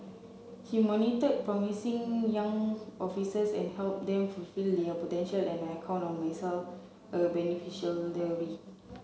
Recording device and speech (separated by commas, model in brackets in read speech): mobile phone (Samsung C7), read sentence